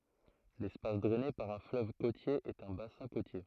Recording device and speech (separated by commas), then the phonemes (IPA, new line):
throat microphone, read sentence
lɛspas dʁɛne paʁ œ̃ fløv kotje ɛt œ̃ basɛ̃ kotje